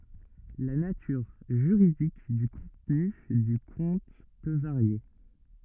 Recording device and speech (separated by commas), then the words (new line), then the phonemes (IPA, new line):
rigid in-ear microphone, read sentence
La nature juridique du contenu du compte peux varier.
la natyʁ ʒyʁidik dy kɔ̃tny dy kɔ̃t pø vaʁje